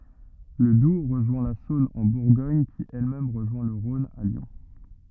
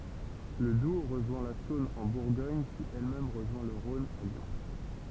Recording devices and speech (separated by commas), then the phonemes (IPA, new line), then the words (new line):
rigid in-ear microphone, temple vibration pickup, read sentence
lə dub ʁəʒwɛ̃ la sɔ̃n ɑ̃ buʁɡɔɲ ki ɛl mɛm ʁəʒwɛ̃ lə ʁɔ̃n a ljɔ̃
Le Doubs rejoint la Saône en Bourgogne qui elle-même rejoint le Rhône à Lyon.